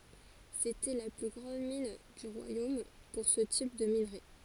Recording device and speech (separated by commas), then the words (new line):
forehead accelerometer, read sentence
C'était la plus grande mine du royaume pour ce type de minerai.